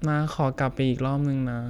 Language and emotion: Thai, sad